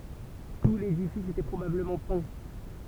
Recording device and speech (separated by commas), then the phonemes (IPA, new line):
temple vibration pickup, read sentence
tu ledifis etɛ pʁobabləmɑ̃ pɛ̃